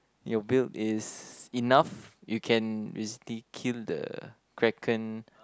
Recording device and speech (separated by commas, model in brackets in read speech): close-talking microphone, conversation in the same room